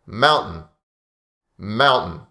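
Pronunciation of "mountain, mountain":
In 'mountain', the t is silent, as in natural, fast speech.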